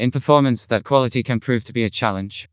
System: TTS, vocoder